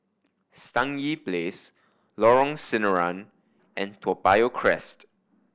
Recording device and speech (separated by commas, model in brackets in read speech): boundary microphone (BM630), read sentence